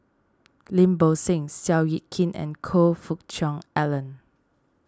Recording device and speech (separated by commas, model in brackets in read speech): standing microphone (AKG C214), read sentence